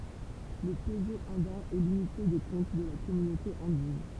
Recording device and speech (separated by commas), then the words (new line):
temple vibration pickup, read sentence
Le peso andin est l'unité de compte de la Communauté andine.